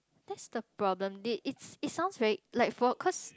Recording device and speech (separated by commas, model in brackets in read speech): close-talking microphone, conversation in the same room